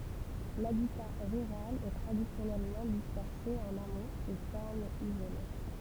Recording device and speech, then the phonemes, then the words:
temple vibration pickup, read sentence
labita ʁyʁal ɛ tʁadisjɔnɛlmɑ̃ dispɛʁse ɑ̃n amoz e fɛʁmz izole
L'habitat rural est traditionnellement dispersé en hameaux et fermes isolées.

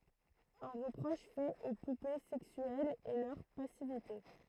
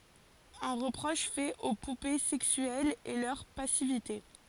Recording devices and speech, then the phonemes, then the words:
throat microphone, forehead accelerometer, read sentence
œ̃ ʁəpʁɔʃ fɛt o pupe sɛksyɛlz ɛ lœʁ pasivite
Un reproche fait aux poupées sexuelles est leur passivité.

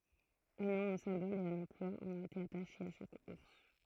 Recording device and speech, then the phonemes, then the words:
throat microphone, read sentence
œ̃ nɔ̃ œ̃ sɛ̃bɔl e œ̃n ɑ̃plwa ɔ̃t ete ataʃez a ʃak uʁs
Un nom, un symbole et un emploi ont été attachés à chaque ours.

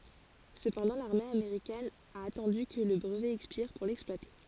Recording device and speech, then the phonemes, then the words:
forehead accelerometer, read sentence
səpɑ̃dɑ̃ laʁme ameʁikɛn a atɑ̃dy kə lə bʁəvɛ ɛkspiʁ puʁ lɛksplwate
Cependant, l'armée américaine a attendu que le brevet expire pour l'exploiter.

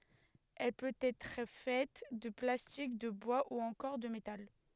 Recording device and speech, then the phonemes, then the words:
headset microphone, read sentence
ɛl pøt ɛtʁ fɛt də plastik də bwa u ɑ̃kɔʁ də metal
Elle peut être faite de plastique, de bois ou encore de métal.

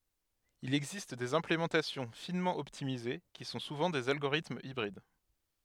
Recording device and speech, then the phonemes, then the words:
headset microphone, read sentence
il ɛɡzist dez ɛ̃plemɑ̃tasjɔ̃ finmɑ̃ ɔptimize ki sɔ̃ suvɑ̃ dez alɡoʁitmz ibʁid
Il existe des implémentations finement optimisées, qui sont souvent des algorithmes hybrides.

